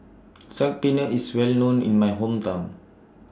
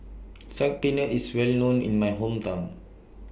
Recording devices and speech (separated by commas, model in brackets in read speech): standing microphone (AKG C214), boundary microphone (BM630), read sentence